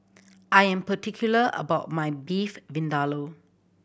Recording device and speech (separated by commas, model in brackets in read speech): boundary microphone (BM630), read sentence